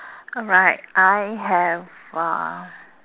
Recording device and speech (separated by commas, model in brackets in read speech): telephone, conversation in separate rooms